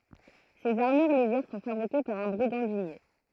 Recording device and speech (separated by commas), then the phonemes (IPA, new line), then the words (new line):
throat microphone, read sentence
sez aʁmyʁ leʒɛʁ sɔ̃ fabʁike paʁ œ̃ bʁiɡɑ̃dinje
Ces armures légères sont fabriquées par un brigandinier.